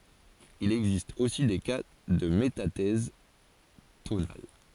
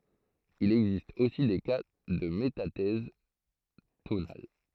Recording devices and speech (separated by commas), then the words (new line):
forehead accelerometer, throat microphone, read sentence
Il existe aussi des cas de métathèse tonale.